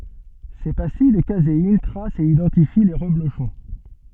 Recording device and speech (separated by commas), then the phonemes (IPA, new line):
soft in-ear microphone, read sentence
se pastij də kazein tʁast e idɑ̃tifi le ʁəbloʃɔ̃